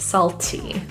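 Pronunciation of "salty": In 'salty', the t is fully pronounced and released.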